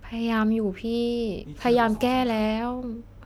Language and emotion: Thai, sad